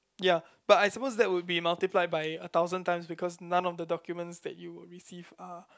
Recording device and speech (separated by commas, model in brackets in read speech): close-talking microphone, conversation in the same room